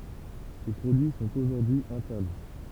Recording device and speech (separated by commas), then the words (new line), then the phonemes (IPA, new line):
temple vibration pickup, read sentence
Ces produits sont aujourd'hui interdits.
se pʁodyi sɔ̃t oʒuʁdyi ɛ̃tɛʁdi